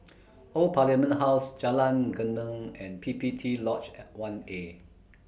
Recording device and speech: boundary microphone (BM630), read sentence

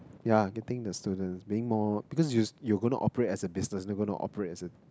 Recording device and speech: close-talking microphone, conversation in the same room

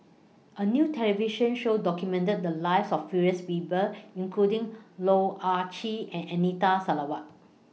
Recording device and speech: mobile phone (iPhone 6), read sentence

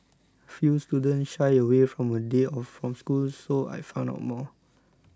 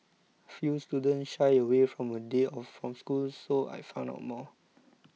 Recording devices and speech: close-talking microphone (WH20), mobile phone (iPhone 6), read sentence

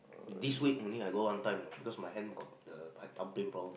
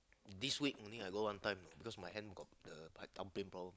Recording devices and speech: boundary microphone, close-talking microphone, conversation in the same room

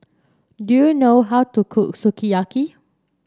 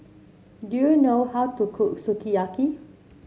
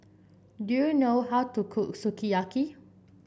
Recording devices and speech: standing microphone (AKG C214), mobile phone (Samsung C7), boundary microphone (BM630), read sentence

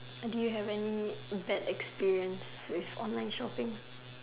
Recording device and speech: telephone, conversation in separate rooms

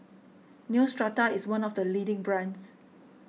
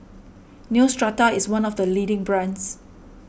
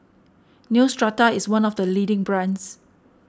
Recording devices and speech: mobile phone (iPhone 6), boundary microphone (BM630), standing microphone (AKG C214), read sentence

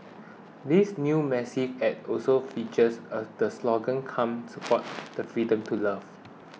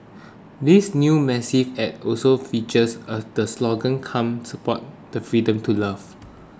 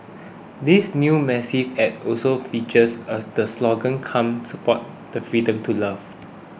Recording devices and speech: mobile phone (iPhone 6), close-talking microphone (WH20), boundary microphone (BM630), read sentence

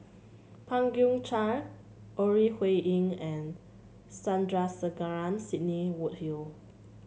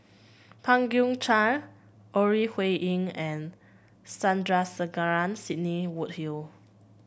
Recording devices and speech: mobile phone (Samsung C7), boundary microphone (BM630), read sentence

